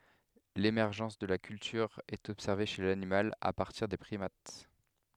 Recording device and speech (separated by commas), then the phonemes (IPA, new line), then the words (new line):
headset microphone, read sentence
lemɛʁʒɑ̃s də la kyltyʁ ɛt ɔbsɛʁve ʃe lanimal a paʁtiʁ de pʁimat
L'émergence de la culture est observée chez l'animal à partir des primates.